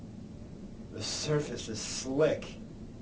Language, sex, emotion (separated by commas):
English, male, disgusted